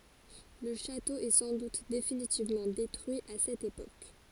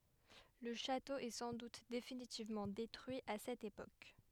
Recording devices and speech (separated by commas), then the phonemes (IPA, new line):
forehead accelerometer, headset microphone, read sentence
lə ʃato ɛ sɑ̃ dut definitivmɑ̃ detʁyi a sɛt epok